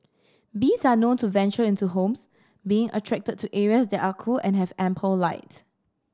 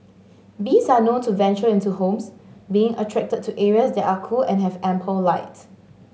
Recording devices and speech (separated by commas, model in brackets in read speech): standing microphone (AKG C214), mobile phone (Samsung S8), read sentence